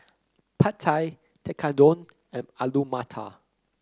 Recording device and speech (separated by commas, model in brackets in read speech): close-talking microphone (WH30), read sentence